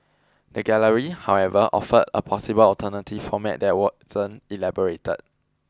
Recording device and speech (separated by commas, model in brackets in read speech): close-talking microphone (WH20), read sentence